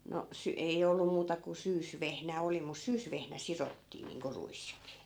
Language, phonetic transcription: Finnish, no , 'sy- , ei 'ollu muuta ku 'syysvehnä 'oli mus̆ 'syysvehnä "sirottii niiŋko 'ruis(kii) .
- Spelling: no - ei ollut muuta kuin syysvehnä oli mutta syysvehnä sidottiin niin kuin ruiskin

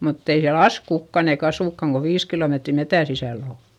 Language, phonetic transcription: Finnish, mutt ‿ei siäl ‿as kukkan ‿eik ‿asùkkaŋ ko viis kilòmetri metä sisä̀l ‿ò .
- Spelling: mutta ei siellä asu kukaan eikä asukaan kun viisi kilometriä metsän sisällä on

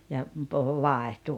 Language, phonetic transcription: Finnish, ja , puhu "vàehtu ,.
- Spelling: ja puhui vaihtui

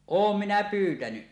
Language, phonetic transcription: Finnish, oom 'minä 'pyytäny .
- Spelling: olen minä pyytänyt

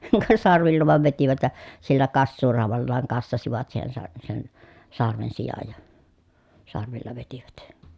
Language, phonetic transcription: Finnish, ka sarvilla vàev vetivät ja , sillä kassuuràu̬vallaaŋ kassasivat siihen sa- sen , sarven sijaj ja , sarvilla vetivät .
- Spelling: ka sarvilla vain vetivät ja sillä kassuuraudallaan kassasivat siihen - sen sarven sijan ja sarvilla vetivät

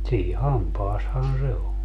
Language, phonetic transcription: Finnish, sii "hampaashan 'se o .
- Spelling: siinä hampaassahan se on

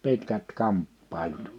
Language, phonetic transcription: Finnish, 'pitkät 'kamppàilut .
- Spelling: pitkät kamppailut

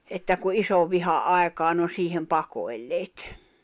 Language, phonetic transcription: Finnish, että ku '’isovviha '’àekaan̆ n ‿o 'siihem 'pakoi̬lleet .
- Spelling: että kun isonvihan aikaan ne on siihen pakoilleet

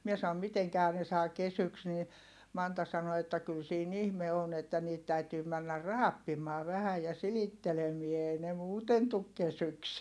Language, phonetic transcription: Finnish, mie saom » miteŋkähä ne saa kesyks » nii , Manta sano että kyl siin ‿ihme on ‿että niit täytyy männär raappim̆maa vähä ja silittelemie èi ne muuten tuk kesyks .
- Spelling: minä sanoin mitenkähän ne saa kesyksi niin Manta sanoi että kyllä siinä ihme on että niitä täytyy mennä raapimaan vähän ja silittelemään ei ne muuten tule kesyksi

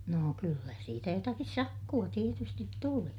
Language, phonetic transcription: Finnish, noo kyllä siitä jotakis sakku₍a tietystit tuli .
- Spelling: no kyllä siitä jotakin sakkoa tietysti tuli

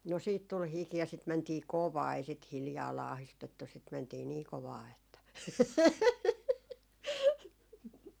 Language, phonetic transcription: Finnish, no siit tul 'hiki ja sit mäntii "kovaa ei sit 'hiljaa 'laahistettu sit 'mäntii 'nii 'kovaa että .
- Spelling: no sitten tuli hiki ja sitten mentiin kovaa ei sitä hiljaa laahistettu sitten mentiin niin kovaa että

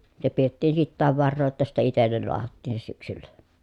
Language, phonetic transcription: Finnish, se piettiin sittääv varroo jotta sitte itellel loahattiin se syksyllä .
- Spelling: se pidettiin sitäkin varaa jotta sitten itselle lahdattiin se syksyllä

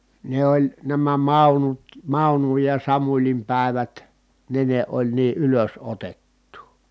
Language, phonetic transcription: Finnish, ne oĺ , nämä Màunut , Màunuj ja Samuĺim pä̀evät , ne ne oĺ nii ʼylös₍otettuu .
- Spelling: ne oli nämä Maunut Maunun ja Samulin päivät ne ne oli niin ylösotettua

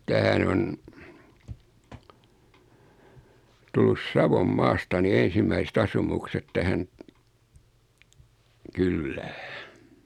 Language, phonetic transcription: Finnish, 'tähän ‿on , 'tullus "Savom"maasta ni 'en̬simmäisᵉt 'asumukset 'tähän , "kyllää .
- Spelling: tähän on tullut Savonmaasta niin ensimmäiset asumukset tähän kylään

